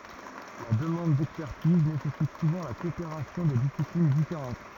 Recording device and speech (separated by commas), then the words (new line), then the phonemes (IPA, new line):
rigid in-ear microphone, read sentence
La demande d'expertise nécessite souvent la coopération de disciplines différentes.
la dəmɑ̃d dɛkspɛʁtiz nesɛsit suvɑ̃ la kɔopeʁasjɔ̃ də disiplin difeʁɑ̃t